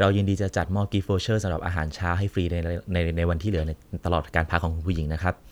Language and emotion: Thai, neutral